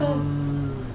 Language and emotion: Thai, neutral